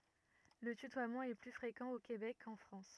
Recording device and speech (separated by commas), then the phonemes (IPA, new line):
rigid in-ear microphone, read sentence
lə tytwamɑ̃ ɛ ply fʁekɑ̃ o kebɛk kɑ̃ fʁɑ̃s